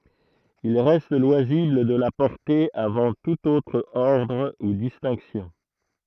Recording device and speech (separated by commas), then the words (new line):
throat microphone, read sentence
Il reste loisible de la porter avant tout autre ordre ou distinctions.